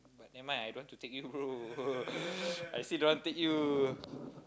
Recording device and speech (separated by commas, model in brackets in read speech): close-talking microphone, conversation in the same room